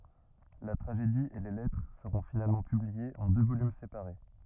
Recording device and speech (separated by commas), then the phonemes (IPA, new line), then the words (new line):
rigid in-ear microphone, read sentence
la tʁaʒedi e le lɛtʁ səʁɔ̃ finalmɑ̃ pybliez ɑ̃ dø volym sepaʁe
La tragédie et les lettres seront finalement publiées en deux volumes séparés.